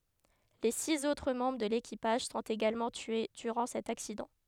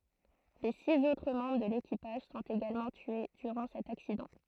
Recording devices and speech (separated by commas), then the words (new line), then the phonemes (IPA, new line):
headset microphone, throat microphone, read sentence
Les six autres membres de l'équipage sont également tués durant cet accident.
le siz otʁ mɑ̃bʁ də lekipaʒ sɔ̃t eɡalmɑ̃ tye dyʁɑ̃ sɛt aksidɑ̃